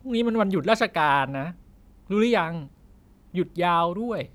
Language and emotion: Thai, frustrated